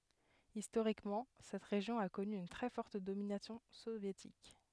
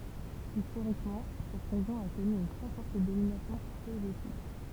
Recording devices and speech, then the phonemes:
headset microphone, temple vibration pickup, read sentence
istoʁikmɑ̃ sɛt ʁeʒjɔ̃ a kɔny yn tʁɛ fɔʁt dominasjɔ̃ sovjetik

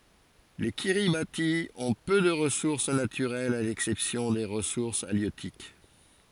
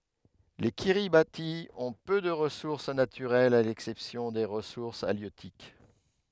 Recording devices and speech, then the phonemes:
forehead accelerometer, headset microphone, read sentence
le kiʁibati ɔ̃ pø də ʁəsuʁs natyʁɛlz a lɛksɛpsjɔ̃ de ʁəsuʁs aljøtik

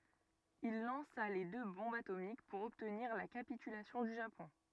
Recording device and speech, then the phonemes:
rigid in-ear microphone, read sentence
il lɑ̃sa le dø bɔ̃bz atomik puʁ ɔbtniʁ la kapitylasjɔ̃ dy ʒapɔ̃

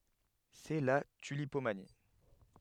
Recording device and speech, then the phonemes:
headset microphone, read sentence
sɛ la tylipomani

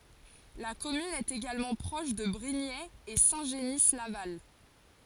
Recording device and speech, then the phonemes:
forehead accelerometer, read sentence
la kɔmyn ɛt eɡalmɑ̃ pʁɔʃ də bʁiɲɛz e sɛ̃ ʒəni laval

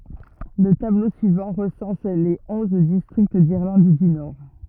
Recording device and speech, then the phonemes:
rigid in-ear microphone, read sentence
lə tablo syivɑ̃ ʁəsɑ̃s le ɔ̃z distʁikt diʁlɑ̃d dy nɔʁ

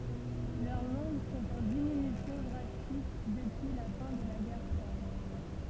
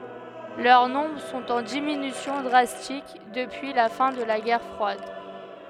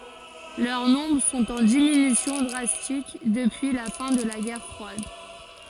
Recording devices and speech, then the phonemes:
temple vibration pickup, headset microphone, forehead accelerometer, read sentence
lœʁ nɔ̃bʁ sɔ̃t ɑ̃ diminysjɔ̃ dʁastik dəpyi la fɛ̃ də la ɡɛʁ fʁwad

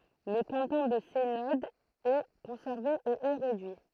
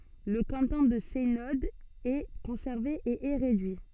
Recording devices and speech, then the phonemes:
throat microphone, soft in-ear microphone, read sentence
lə kɑ̃tɔ̃ də sɛnɔd ɛ kɔ̃sɛʁve e ɛ ʁedyi

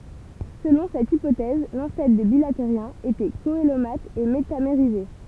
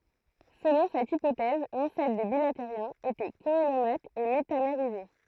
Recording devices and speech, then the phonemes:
temple vibration pickup, throat microphone, read sentence
səlɔ̃ sɛt ipotɛz lɑ̃sɛtʁ de bilateʁjɛ̃z etɛ koəlomat e metameʁize

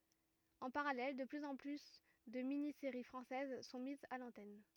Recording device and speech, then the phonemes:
rigid in-ear microphone, read sentence
ɑ̃ paʁalɛl də plyz ɑ̃ ply də mini seʁi fʁɑ̃sɛz sɔ̃ mizz a lɑ̃tɛn

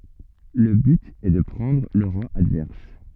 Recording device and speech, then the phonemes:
soft in-ear microphone, read sentence
lə byt ɛ də pʁɑ̃dʁ lə ʁwa advɛʁs

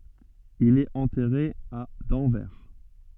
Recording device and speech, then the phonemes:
soft in-ear microphone, read sentence
il ɛt ɑ̃tɛʁe a dɑ̃vɛʁ

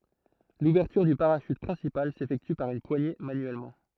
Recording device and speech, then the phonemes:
throat microphone, read sentence
luvɛʁtyʁ dy paʁaʃyt pʁɛ̃sipal sefɛkty paʁ yn pwaɲe manyɛlmɑ̃

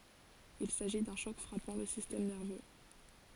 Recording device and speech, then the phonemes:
forehead accelerometer, read sentence
il saʒi dœ̃ ʃɔk fʁapɑ̃ lə sistɛm nɛʁvø

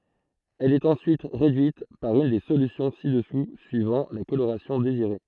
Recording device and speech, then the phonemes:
throat microphone, read sentence
ɛl ɛt ɑ̃syit ʁedyit paʁ yn de solysjɔ̃ si dəsu syivɑ̃ la koloʁasjɔ̃ deziʁe

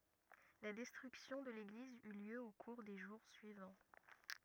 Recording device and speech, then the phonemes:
rigid in-ear microphone, read sentence
la dɛstʁyksjɔ̃ də leɡliz y ljø o kuʁ de ʒuʁ syivɑ̃

